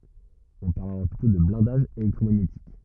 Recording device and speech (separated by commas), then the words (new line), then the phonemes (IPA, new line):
rigid in-ear microphone, read sentence
On parle alors plutôt de blindage électromagnétique.
ɔ̃ paʁl alɔʁ plytɔ̃ də blɛ̃daʒ elɛktʁomaɲetik